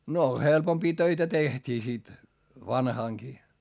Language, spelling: Finnish, no helpompia töitä tehtiin sitten vanhanakin
- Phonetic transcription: no helpompii töitä tehtii sit , vanhàŋkii .

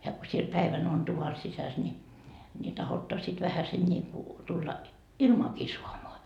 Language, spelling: Finnish, ja kun siellä päivän on tuvan sisässä niin niin tahdotte sitten vähäsen niin kuin tulla ilmaakin saamaan
- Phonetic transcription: ja ko siel 'päivän ‿on 'tuva 'sisäs ńi , ni 'tahotta sit 'vähäsen ńiiku , tulla , "ilmaaki suamoa .

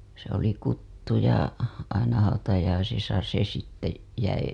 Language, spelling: Finnish, se oli kutsuja aina hautajaisissa se sitten jäi
- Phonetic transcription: se ‿oli 'kuttuja , aina hautajaisisa se sitte , jäi .

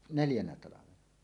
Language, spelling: Finnish, neljänä talvena
- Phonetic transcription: neljänä 'talavena .

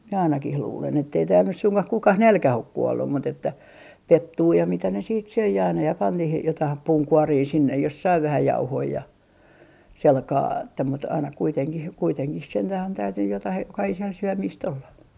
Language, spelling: Finnish, minä ainakin luulen että ei täällä nyt suinkaan kukaan nälkään ole kuollut mutta että pettua ja mitä ne sitten söi aina ja pani niihin jotain puunkuoria sinne jos sai vähän jauhoja ja sillä kalella että mutta aina kuitenkin kuitenkin sentään on täytynyt jotakin jokaiselle syömistä olla
- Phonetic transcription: mie 'ainakih 'luulen ettei tääl nys suŋkah 'kukah "nälkäh ‿ok "kuollum mut ‿että , "pettuu ja mitä ne siit 'söi aina ja pan niihij 'jotaih "puuŋkuorii sinnej jos sai 'vähä 'jauhoi ja , selkaa että mut aina kuiteŋkih kuiteŋkih 'sentäh on täytynnyj jotah 'jokahisel 'syömiist olla .

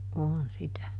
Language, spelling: Finnish, on sitä
- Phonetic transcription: ˈoon ˈsitä .

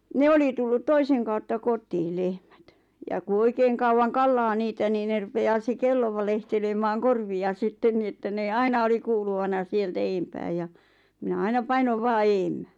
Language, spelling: Finnish, ne oli tullut toisen kautta kotiin lehmät ja kun oikein kauan kallaa niitä niin ne rupeaa se kello valehtelemaan korvia sitten niin että ne aina oli kuuluvana sieltä edempää ja minä aina painoin vain edemmäs
- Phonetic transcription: 'ne oli tullut 'toiseŋ kautta 'kot̀ii 'lehmät , ja ku 'oikeeŋ kauwan 'kallaa 'niitä nii ne rupe₍aa se 'kello valehtelemaaŋ "korvi₍a 'sitten ni että nee "aina oli kuuluvana 'sieltä "eempää ja , minä 'aina "painov 'vaa "eemmä .

